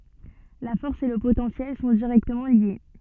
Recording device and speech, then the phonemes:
soft in-ear microphone, read sentence
la fɔʁs e lə potɑ̃sjɛl sɔ̃ diʁɛktəmɑ̃ lje

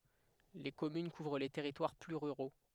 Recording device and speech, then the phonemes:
headset microphone, read sentence
le kɔmyn kuvʁ le tɛʁitwaʁ ply ʁyʁo

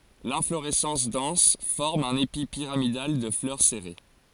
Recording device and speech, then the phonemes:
forehead accelerometer, read sentence
lɛ̃floʁɛsɑ̃s dɑ̃s fɔʁm œ̃n epi piʁamidal də flœʁ sɛʁe

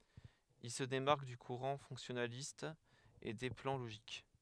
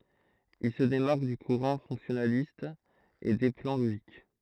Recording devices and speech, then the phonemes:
headset microphone, throat microphone, read sentence
il sə demaʁk dy kuʁɑ̃ fɔ̃ksjɔnalist e de plɑ̃ loʒik

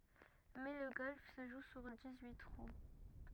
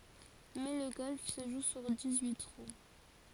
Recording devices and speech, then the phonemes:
rigid in-ear microphone, forehead accelerometer, read sentence
mɛ lə ɡɔlf sə ʒu syʁ dis yi tʁu

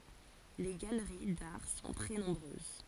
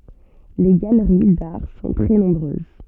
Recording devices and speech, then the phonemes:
forehead accelerometer, soft in-ear microphone, read sentence
le ɡaləʁi daʁ sɔ̃ tʁɛ nɔ̃bʁøz

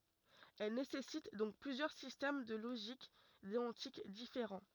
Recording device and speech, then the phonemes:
rigid in-ear microphone, read sentence
ɛl nesɛsit dɔ̃k plyzjœʁ sistɛm də loʒik deɔ̃tik difeʁɑ̃

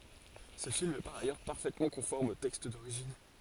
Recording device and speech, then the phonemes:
forehead accelerometer, read sentence
sə film ɛ paʁ ajœʁ paʁfɛtmɑ̃ kɔ̃fɔʁm o tɛkst doʁiʒin

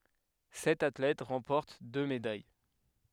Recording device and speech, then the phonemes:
headset microphone, read sentence
sɛt atlɛt ʁɑ̃pɔʁt dø medaj

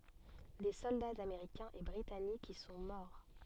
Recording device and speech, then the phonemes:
soft in-ear microphone, read sentence
de sɔldaz ameʁikɛ̃z e bʁitanikz i sɔ̃ mɔʁ

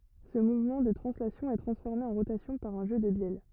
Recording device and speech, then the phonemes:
rigid in-ear microphone, read sentence
sə muvmɑ̃ də tʁɑ̃slasjɔ̃ ɛ tʁɑ̃sfɔʁme ɑ̃ ʁotasjɔ̃ paʁ œ̃ ʒø də bjɛl

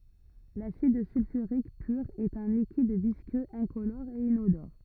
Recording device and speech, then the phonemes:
rigid in-ear microphone, read sentence
lasid sylfyʁik pyʁ ɛt œ̃ likid viskøz ɛ̃kolɔʁ e inodɔʁ

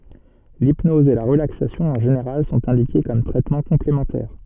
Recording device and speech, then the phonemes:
soft in-ear microphone, read sentence
lipnɔz e la ʁəlaksasjɔ̃ ɑ̃ ʒeneʁal sɔ̃t ɛ̃dike kɔm tʁɛtmɑ̃ kɔ̃plemɑ̃tɛʁ

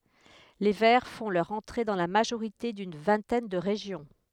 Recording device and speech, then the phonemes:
headset microphone, read sentence
le vɛʁ fɔ̃ lœʁ ɑ̃tʁe dɑ̃ la maʒoʁite dyn vɛ̃tɛn də ʁeʒjɔ̃

